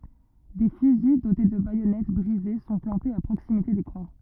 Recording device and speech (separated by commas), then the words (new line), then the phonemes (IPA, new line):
rigid in-ear microphone, read sentence
Des fusils dotés de baïonnettes brisées sont plantés à proximité des croix.
de fyzi dote də bajɔnɛt bʁize sɔ̃ plɑ̃tez a pʁoksimite de kʁwa